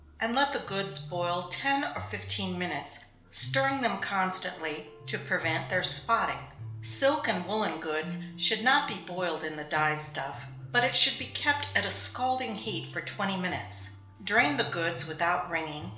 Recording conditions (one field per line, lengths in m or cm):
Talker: one person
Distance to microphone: 1.0 m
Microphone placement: close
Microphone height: 1.1 m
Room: small (3.7 m by 2.7 m)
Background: music